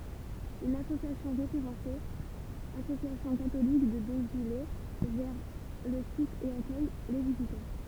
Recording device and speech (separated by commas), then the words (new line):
temple vibration pickup, read sentence
Une association référencée Association catholique de Dozulé gère le site et accueille les visiteurs.